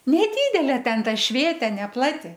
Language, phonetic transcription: Lithuanian, neˈdydelė ˈten ˈta ˈšvėtė neˈplati

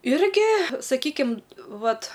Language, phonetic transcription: Lithuanian, ˈirgi saˈkykim ˈvat

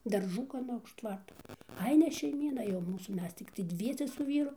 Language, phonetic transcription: Lithuanian, darˈžų gaˈna už ˈtvarto ˈai ne šeiˈmyna jau ˈmūsų ˈmes tikˈtai ˈdviese su ˈvyru

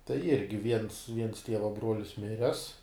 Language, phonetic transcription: Lithuanian, tai ˈirgi viens viens ˈtieva ˈbruolis ˈmires

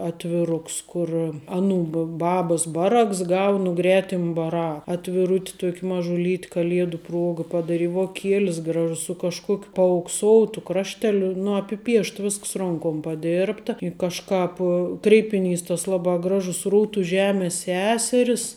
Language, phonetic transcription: Lithuanian, atviˈruks ˈkur ˈaˌnų ba ˈbabas ˈbaˌraks ˈgau nu ˈgretim baˈra atviˈrut' ˈtuok' mažuˈlyt' kaˈliedu ˈpruoga padaˈri voˈkielis ˈgražus su kažˈkuokiu paaukˈsoutu ˈkrašteliu nu apiˈpiešt ˈvisks ˈronkom paˈdėrbta i kažˈkāp kreipiˈnys tas ˈlabā ˈgražus ˈrūtu ˈžemės ˈseseris

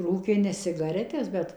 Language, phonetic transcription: Lithuanian, ˈrūkė ne sigaˈretes ˈbet

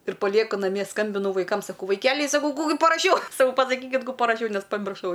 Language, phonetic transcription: Lithuanian, ir paˈlieku naˈmie ˈskambinu vaiˈkam saˈkau vaiˈkeliai saˈkau ˈkū gi paraˈšiau saˈkau pasaˈkykit ˈkų paraˈšiau ˈnes pamirˈšau

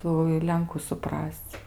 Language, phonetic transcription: Lithuanian, ˈtų i ˈlenku suˈpras'c'

